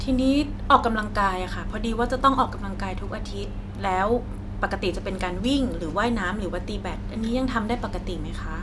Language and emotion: Thai, neutral